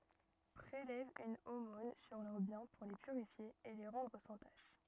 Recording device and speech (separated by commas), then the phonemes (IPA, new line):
rigid in-ear microphone, read sentence
pʁelɛv yn omɔ̃n syʁ lœʁ bjɛ̃ puʁ le pyʁifje e le ʁɑ̃dʁ sɑ̃ taʃ